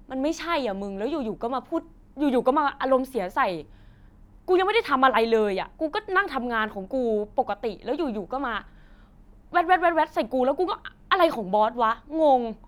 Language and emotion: Thai, angry